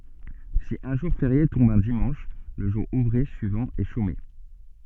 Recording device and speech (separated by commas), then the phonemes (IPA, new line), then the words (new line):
soft in-ear microphone, read sentence
si œ̃ ʒuʁ feʁje tɔ̃b œ̃ dimɑ̃ʃ lə ʒuʁ uvʁe syivɑ̃ ɛ ʃome
Si un jour férié tombe un dimanche, le jour ouvré suivant est chômé.